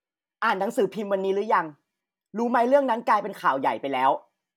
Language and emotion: Thai, angry